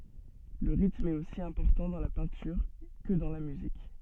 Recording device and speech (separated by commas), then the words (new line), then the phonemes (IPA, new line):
soft in-ear microphone, read sentence
Le rythme est aussi important dans la peinture que dans la musique.
lə ʁitm ɛt osi ɛ̃pɔʁtɑ̃ dɑ̃ la pɛ̃tyʁ kə dɑ̃ la myzik